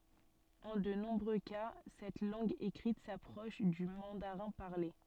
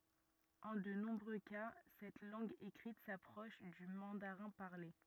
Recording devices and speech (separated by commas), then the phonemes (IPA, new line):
soft in-ear microphone, rigid in-ear microphone, read sentence
ɑ̃ də nɔ̃bʁø ka sɛt lɑ̃ɡ ekʁit sapʁɔʃ dy mɑ̃daʁɛ̃ paʁle